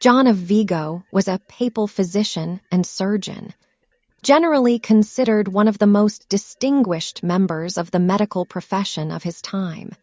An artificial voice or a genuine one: artificial